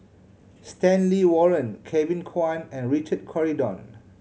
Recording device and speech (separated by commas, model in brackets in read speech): mobile phone (Samsung C7100), read sentence